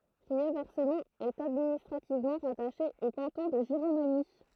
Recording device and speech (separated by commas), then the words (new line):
throat microphone, read sentence
Riervescemont est administrativement rattachée au canton de Giromagny.